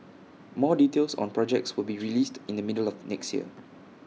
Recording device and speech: mobile phone (iPhone 6), read sentence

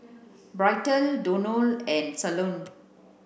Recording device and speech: boundary microphone (BM630), read sentence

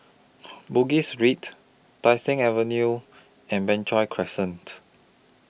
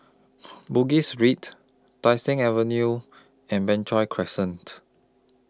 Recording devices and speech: boundary microphone (BM630), close-talking microphone (WH20), read sentence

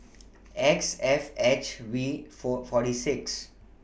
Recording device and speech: boundary microphone (BM630), read sentence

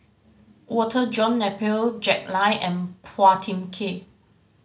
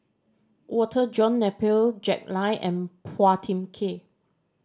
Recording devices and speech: mobile phone (Samsung C5010), standing microphone (AKG C214), read sentence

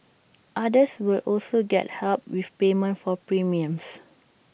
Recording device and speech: boundary microphone (BM630), read sentence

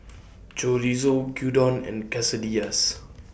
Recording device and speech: boundary microphone (BM630), read sentence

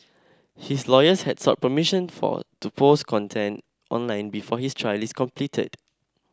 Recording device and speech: standing microphone (AKG C214), read sentence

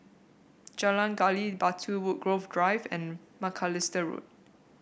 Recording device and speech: boundary microphone (BM630), read sentence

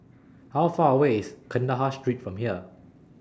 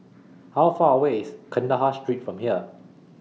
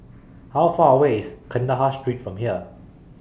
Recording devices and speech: standing microphone (AKG C214), mobile phone (iPhone 6), boundary microphone (BM630), read sentence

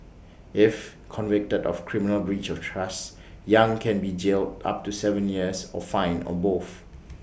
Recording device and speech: boundary microphone (BM630), read sentence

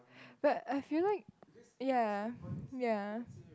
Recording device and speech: close-talking microphone, conversation in the same room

